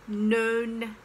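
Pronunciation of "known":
This is an incorrect pronunciation of 'none', said as 'known'.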